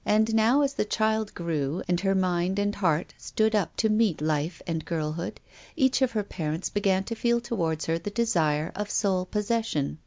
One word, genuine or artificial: genuine